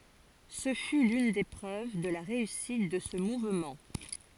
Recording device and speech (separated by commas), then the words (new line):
forehead accelerometer, read sentence
Ce fut l'une des preuves de la réussite de ce mouvement.